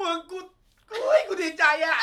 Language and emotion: Thai, happy